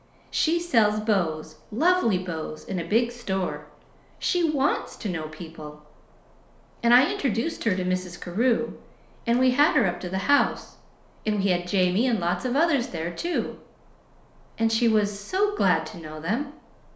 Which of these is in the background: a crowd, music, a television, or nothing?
Nothing.